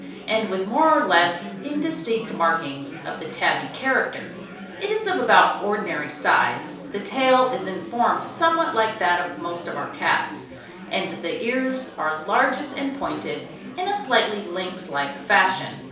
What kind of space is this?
A small room (about 3.7 m by 2.7 m).